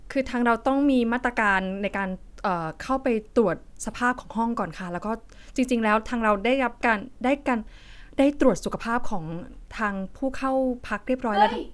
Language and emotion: Thai, frustrated